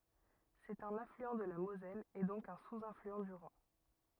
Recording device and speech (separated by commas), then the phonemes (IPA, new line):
rigid in-ear microphone, read sentence
sɛt œ̃n aflyɑ̃ də la mozɛl e dɔ̃k œ̃ suzaflyɑ̃ dy ʁɛ̃